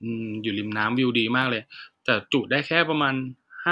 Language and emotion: Thai, neutral